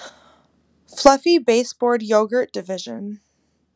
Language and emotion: English, surprised